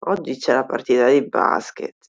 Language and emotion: Italian, disgusted